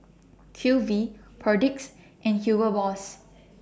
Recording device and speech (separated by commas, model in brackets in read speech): standing microphone (AKG C214), read sentence